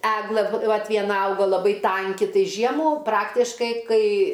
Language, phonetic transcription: Lithuanian, ˈeglɘ ˈvat vieˈna ˈauga laˈbai ˈtanki ˈtai ˈžiemų ˈpraktiškai ˈkai

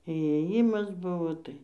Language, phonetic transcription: Lithuanian, įėˈjimas ˈbuvo ˈtai

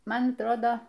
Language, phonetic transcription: Lithuanian, ˈman atˈrodo

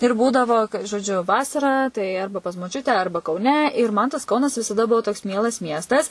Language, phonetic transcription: Lithuanian, ir ˈbūdavo žoˈdžiu ˈvasarą tai ˈarba pas moˈčiute ˈarba kauˈne ir man tas ˈkaunas visaˈda ˈbuvo toks ˈmielas ˈmiestas

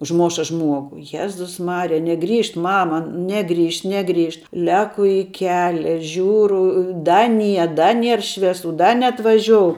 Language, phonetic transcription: Lithuanian, užˈmoša ˈžmuogu ˈjezus ˈmarija neˈgrįžt ˈmama ˈnegrįžt ˈnegrįžt ˈleku i ˈkelia ˈžiūru ˈda ˈnie ˈda ˈnier ˈšviesu ˈda neatvaˈžiou

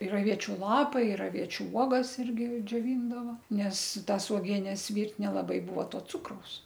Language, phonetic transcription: Lithuanian, ir aˈviečiu ˈlapai ir aˈviečiu ˈuogas ˈirgi džioˈvyndava ˈnes ˈtas uoˈgienes ˈvyrt' nelaˈbai ˈbuvo ˈto ˈcukraus

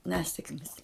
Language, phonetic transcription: Lithuanian, ˈnesekmis

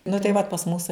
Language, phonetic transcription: Lithuanian, nu tai ˈvat pas ˈmusai

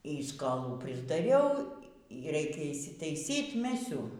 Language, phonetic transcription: Lithuanian, y skoˈlų prisdaˈriau y ˈreikia išsitaiˈsyt ˈmesiu

